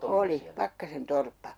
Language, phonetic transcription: Finnish, "oli , 'Pakkasen "torppa .
- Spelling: oli Pakkasen torppa

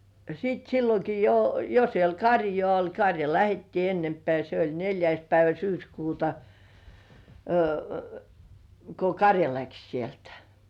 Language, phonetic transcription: Finnish, sit "silloki 'jo , jo siel "karjŏà 'oĺ , karja lähettii "ennempĕä̀ se ‿oĺ 'neĺjäis päivä "syyskuuta , ko "karja 'läks sieltᴀ̈ .
- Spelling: sitten silloinkin jo jo siellä karjaa oli karja lähdettiin ennempää se oli neljäs päivä syyskuuta kun karja lähti sieltä

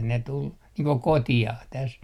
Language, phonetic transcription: Finnish, ne tul , niiŋ ko "koti₍ah täs .
- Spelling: ne tuli niin kuin kotiin tässä

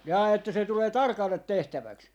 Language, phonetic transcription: Finnish, jaa että se 'tulee "tarkallet 'tehtäväks ?
- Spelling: jaa että se tulee tarkalle tehtäväksi

